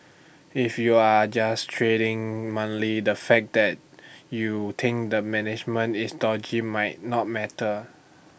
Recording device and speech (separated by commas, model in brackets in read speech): boundary microphone (BM630), read sentence